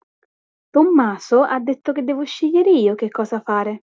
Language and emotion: Italian, neutral